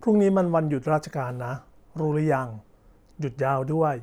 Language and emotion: Thai, neutral